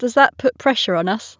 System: none